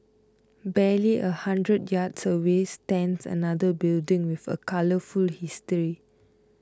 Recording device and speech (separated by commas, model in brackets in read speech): close-talking microphone (WH20), read sentence